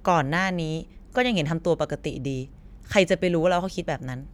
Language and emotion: Thai, frustrated